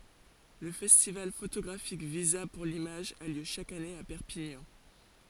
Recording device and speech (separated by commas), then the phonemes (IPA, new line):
forehead accelerometer, read sentence
lə fɛstival fotoɡʁafik viza puʁ limaʒ a ljø ʃak ane a pɛʁpiɲɑ̃